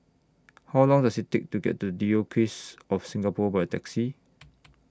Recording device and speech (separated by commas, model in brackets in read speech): standing microphone (AKG C214), read sentence